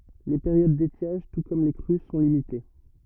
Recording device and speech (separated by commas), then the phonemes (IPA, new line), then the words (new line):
rigid in-ear microphone, read sentence
le peʁjod detjaʒ tu kɔm le kʁy sɔ̃ limite
Les périodes d’étiage, tout comme les crues, sont limitées.